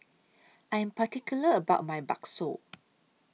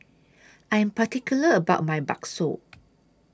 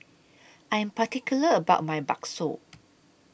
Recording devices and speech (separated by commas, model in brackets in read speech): mobile phone (iPhone 6), standing microphone (AKG C214), boundary microphone (BM630), read sentence